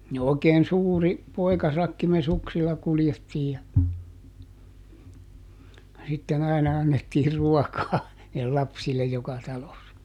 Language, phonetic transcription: Finnish, ni òi̮keen "suuri , ˈpoi̮kasakki me "suksilla ˈkuljettiij ja , ja ˈsitten ‿aina ˈannettii "ruɔkaa , (nii)lle ˈlapsillej ˈjoka talossa .
- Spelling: niin oikein suuri poikasakki me suksilla kuljettiin ja ja sitten aina annettiin ruokaa niille lapsille joka talossa

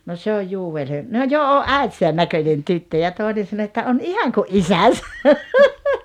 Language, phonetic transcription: Finnish, » no 'se oj "Juu₍el 'He- « , » no "jo "o’ "’äitisän 'näköńen 'tyttö « ja 'tòenen sano että » 'on 'ihaŋ ku’ "’isäsä « .
- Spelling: no se on Joel - no jo on äitinsä näköinen tyttö ja toinen sanoi että on ihan kuin isänsä

